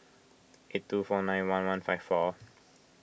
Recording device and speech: boundary microphone (BM630), read sentence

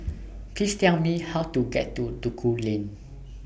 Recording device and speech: boundary microphone (BM630), read sentence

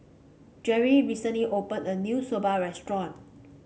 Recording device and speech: mobile phone (Samsung C5), read sentence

